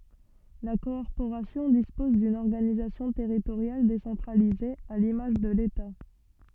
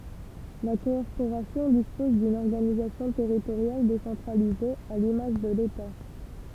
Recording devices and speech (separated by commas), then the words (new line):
soft in-ear microphone, temple vibration pickup, read sentence
La Corporation dispose d'une organisation territoriale décentralisée, à l'image de l'État.